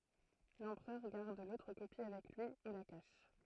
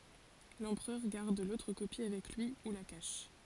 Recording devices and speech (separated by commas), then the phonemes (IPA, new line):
throat microphone, forehead accelerometer, read sentence
lɑ̃pʁœʁ ɡaʁd lotʁ kopi avɛk lyi u la kaʃ